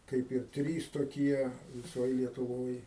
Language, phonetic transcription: Lithuanian, ˈkaip ir ˈtrys toˈkie viˈsoj lietuˈvoj

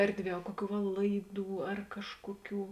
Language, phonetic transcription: Lithuanian, ˈerdˌvie a ˈkuoˌkių va ˈlaiˌdų ar ˈkažkuoˌkių

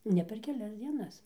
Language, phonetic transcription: Lithuanian, ˈne per keˈlias dzieˈnas

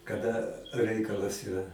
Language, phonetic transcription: Lithuanian, kaˈda ˈreikalas iˈra

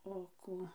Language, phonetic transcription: Lithuanian, o ˈkų

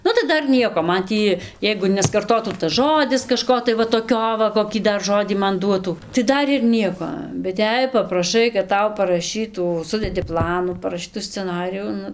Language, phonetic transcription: Lithuanian, ˈnu tai ˈdar ˈnieko ˈman ˈtį ˈjeigu neskarˈtotų tas ˈžodis kaˈžko tai ˈva toˈkio va koˈkį ˈdar ˈžodį ˈman ˈduotų tai ˈdar ir ˈnieko bet ˈjei papraˈšai kad ˈtau paraˈšytų ˈsudedi ˈplanų paraˈšytu sceˈnarijų ˈnu

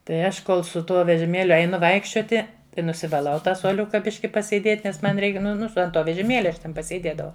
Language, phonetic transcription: Lithuanian, tai ˈaš ˈkol su ˈtuo vežiˈmėliu eiˈnu ˈvaikščioti tai nusivaˈlau ˈtą suoˈliuka ˈbiški pasėˈdėt' nes ˈman ˈreik ˈnu ˈnu ant ˈto vežiˈmėlia aš ˈten pasėˈdėdavau

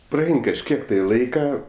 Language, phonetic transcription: Lithuanian, praˈein kažˈkiek tai ˈlaika

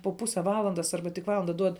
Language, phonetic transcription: Lithuanian, po ˈpuse ˈvalandas ˈarba tik ˈvalanda ˈduod

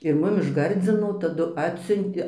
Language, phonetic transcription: Lithuanian, ir ˈmum iš ˈgardzino taˈdu ˈatsiuntė

